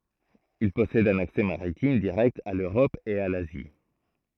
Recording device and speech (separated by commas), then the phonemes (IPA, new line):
throat microphone, read sentence
il pɔsɛd œ̃n aksɛ maʁitim diʁɛkt a løʁɔp e a lazi